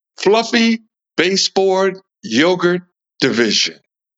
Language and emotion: English, happy